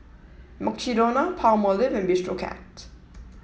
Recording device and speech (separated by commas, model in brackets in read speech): mobile phone (iPhone 7), read sentence